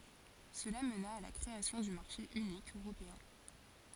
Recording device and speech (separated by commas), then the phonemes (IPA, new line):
forehead accelerometer, read sentence
səla məna a la kʁeasjɔ̃ dy maʁʃe ynik øʁopeɛ̃